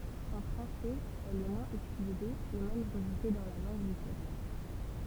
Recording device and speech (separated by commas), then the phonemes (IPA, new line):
temple vibration pickup, read sentence
ɑ̃ fʁɑ̃sɛz ɛl ɛ mwɛ̃z ytilize e mɛm ʁəʒte dɑ̃ la lɑ̃ɡ liteʁɛʁ